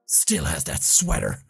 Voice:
Growling voice